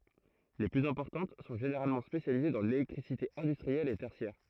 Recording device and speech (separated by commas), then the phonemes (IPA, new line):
throat microphone, read sentence
le plyz ɛ̃pɔʁtɑ̃t sɔ̃ ʒeneʁalmɑ̃ spesjalize dɑ̃ lelɛktʁisite ɛ̃dystʁiɛl e tɛʁsjɛʁ